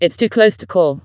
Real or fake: fake